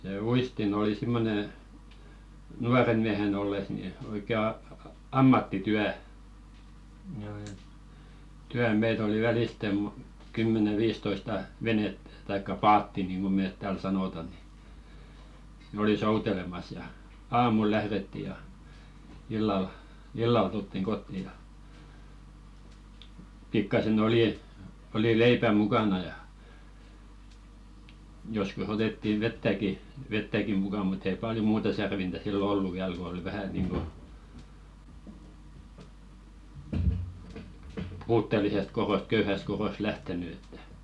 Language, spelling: Finnish, se uistin oli semmoinen nuorena miehenä ollessa niin oikein - - - ammattityö - meitä oli välisten - kymmenen viisitoista venettä tai paattia niin kuin me täällä sanotaan niin ne oli soutelemassa ja aamulla lähdettiin ja illalla illalla tultiin kotiin ja pikkuisen oli oli leipää mukana ja joskus otettiin vettäkin vettäkin mukaan mutta ei paljon muuta särvintä silloin ollut vielä kun oli vähän niin kuin puutteellisesta kodosta köyhästä kodosta lähtenyt että
- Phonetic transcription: sè "uistin ‿oli 'simmone , 'nuaren miähen ‿olles ni 'oikè ‿a- a- a- "ammattityä , -tyä meit ‿oli 'välìste mo- , kymmene "viistoista , 'venettᴀ̈ , taikka "paatti niinɢo 'meet tääl sanòta ni , nᵉ ‿oli 'soutelemas ja , "aamul lähðetti ja , illal , "illal tulttiŋ 'ɢotti ja , pikkase'n ‿olì , oli "leipä 'mukana ja , joskus otettiv̆ 'vettäki , vettäki muka mut ‿ei paljo "muuta 'särvintä sillo 'ollu viäl ko oli 'vähä niiŋɢo , 'puuttelisest koðost 'köyhäst koðost "lähteny ettᴀ̈ .

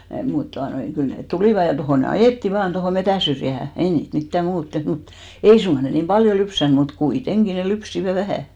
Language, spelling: Finnish, mutta tuota noin kyllä ne tulivat ja tuohon ne ajettiin vain tuohon metsänsyrjään ei niitä mitään muuta tehty mutta ei suinkaan ne niin paljon lypsänyt mutta kuitenkin ne lypsivät vähän
- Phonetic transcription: mut 'tuanoi , 'kyl net "tulìva ja 'tohò ne "ajètti 'vaan tohò 'metä̀n̬syrjähä , 'ei niit mittä 'muut teht mut , 'ei suŋɢa 'ne niim "paljo 'lypsän mut , 'kui'teŋɢi ne 'lypsivä "vähä̀ .

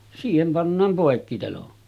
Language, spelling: Finnish, siihen pannaan poikkiteloin
- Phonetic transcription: 'siihem pannaam 'pòekkitelon .

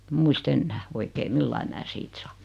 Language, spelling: Finnish, en muista enää oikein millä lailla minä siitä saan
- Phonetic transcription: em 'muis't ‿ennää , 'v̳oikee "millai mää 'siit saa .

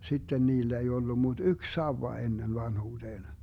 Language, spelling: Finnish, sitten niillä ei ollut mutta yksi sauva ennen vanhuuteen
- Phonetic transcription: 'sitten 'niillä ei 'ollu mut "yk "sauwa 'ennen 'vanhuuDeen .

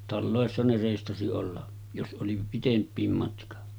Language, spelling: Finnish, taloissa ne reistasi olla jos oli pitempikin matka
- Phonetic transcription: 'tallòessa ne rèistasi olla , jos ’oli 'pitemp̆piim matka .

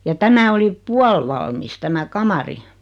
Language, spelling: Finnish, ja tämä oli puolivalmis tämä kamari
- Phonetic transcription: ja 'tämä oli , "pualvalmis tämä 'kamari .

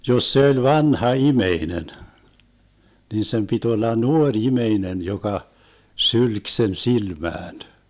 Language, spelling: Finnish, jos se oli vanha ihminen niin sen piti olla nuori ihminen joka sylki sen silmään
- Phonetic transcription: 'jos se oĺ "vanha "imeinen , nin sem pit 'olla "nuoŕ 'imeinen joka , 'sylk sen 'silmään .

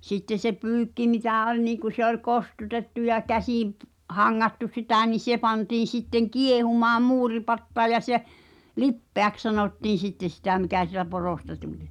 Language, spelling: Finnish, sitten se pyykki mitä oli niin kun se oli kostutettu ja käsiin - hangattu sitä niin se pantiin sitten kiehumaan muuripataan ja se lipeäksi sanottiin sitten sitä mikä siitä porosta tuli
- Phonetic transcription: sitteⁿ̬ se 'pyykki mitä̀ 'oĺ niiᵑku se ol "kostutettu ja 'käsìḭ p- , 'haŋŋattu sitä ni 'se pantiin̬̆ sitteŋ "kiehumaam "muuripattaa ja se , "lippeäks sanòttiin̬ 'sitteⁿ̬ sitä̀ mikä sitä poròsta 'tuĺ .

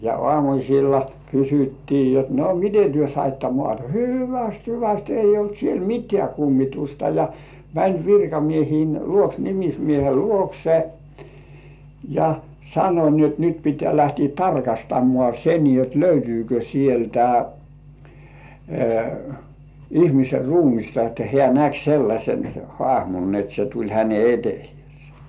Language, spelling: Finnish, ja aamuisin kysyttiin jotta no miten te saitte maata hyvästi hyvästi ei ollut siellä mitään kummitusta ja meni virkamiesten luokse nimismiehen luokse ja sanoi niin jotta nyt pitää lähteä tarkastamaan se niin jotta löytyykö sieltä ihmisen ruumista että hän näki sellaisen haamun niin että se tuli hänen eteensä
- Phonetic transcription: ja "ŏàmuśilla 'kysyttii jot » no "mite työ saitta 'mŏàta « » "hyväst "hyväst 'eij̆j ‿olt 'siel "mit̀ĕä̀ 'kummitusta « ja , mäń virkamiehiin , luoks "nimismiehel "luokse ja , sano ni jot nyt pit̀ĕä̀ 'lähti "tarkastammŏà "se nii jot 'löytyykö sieltä , 'ihmiser "ruumista että 'hĕä̀§ "näk sellaśen 'hŏàhmun ni ‿et se tuĺ 'häne "etehĭès .

